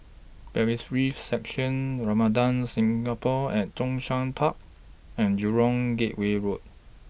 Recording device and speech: boundary microphone (BM630), read sentence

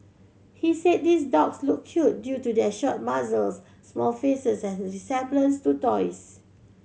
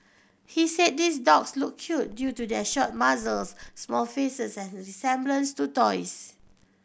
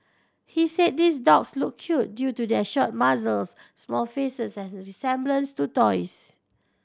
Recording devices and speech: mobile phone (Samsung C7100), boundary microphone (BM630), standing microphone (AKG C214), read sentence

